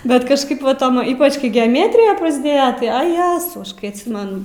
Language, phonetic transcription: Lithuanian, ˈbet kažˈkaip va ˈtom ˈypač kai geaˈmetrija prasˈdėja ˈtai a ˈjezau ˈaš kai atˈsimen

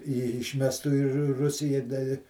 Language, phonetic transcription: Lithuanian, i išˈmestu i ru ˈrusija da i

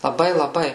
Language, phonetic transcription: Lithuanian, laˈbai laˈbai

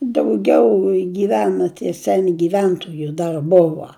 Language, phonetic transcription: Lithuanian, dauˈgiau gyˈvena tie ˈseni giˈventoju ˈdar ˈbuva

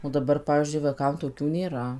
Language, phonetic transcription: Lithuanian, o daˈbar ˈpavyzdžiui vaiˈkam toˈkių nėˈra

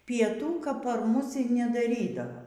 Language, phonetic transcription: Lithuanian, pieˈtų kap par ˈmus y nedaˈrydava

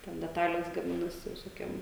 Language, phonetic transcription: Lithuanian, ten deˈtalės gaˈminasi visoˈkiem

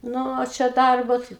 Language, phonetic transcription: Lithuanian, ˈnu o ˈčia ˈdarbo tai

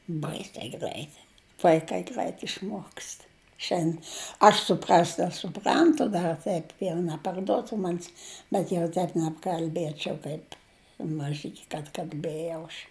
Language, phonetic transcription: Lithuanian, ˈbaisiai ˈgræit vaiˈkai ˈgræit išˈmuokst ˈšen ˈaš suˈprast' aš suˈprantu ˈdar ˈteip jau neparˈduotu ˈmanis bet jau ˈteip nebkalˈbiečiau ˈkaip maˈžiki kad kalˈbėjau aš

